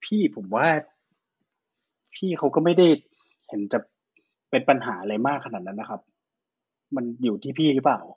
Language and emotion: Thai, neutral